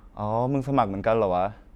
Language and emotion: Thai, neutral